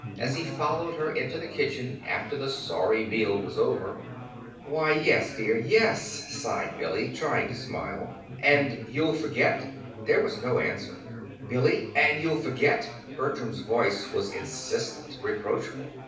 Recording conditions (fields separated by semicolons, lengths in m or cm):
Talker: one person; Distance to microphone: 5.8 m; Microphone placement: far; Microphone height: 1.8 m; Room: medium-sized (5.7 m by 4.0 m); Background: babble